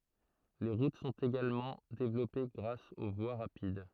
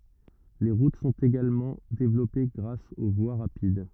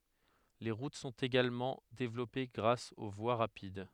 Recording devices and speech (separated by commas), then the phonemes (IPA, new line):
throat microphone, rigid in-ear microphone, headset microphone, read sentence
le ʁut sɔ̃t eɡalmɑ̃ devlɔpe ɡʁas o vwa ʁapid